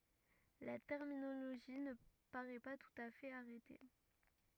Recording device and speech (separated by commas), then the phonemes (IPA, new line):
rigid in-ear microphone, read sentence
la tɛʁminoloʒi nə paʁɛ pa tut a fɛt aʁɛte